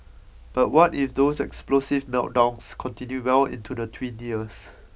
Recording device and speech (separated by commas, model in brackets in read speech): boundary microphone (BM630), read sentence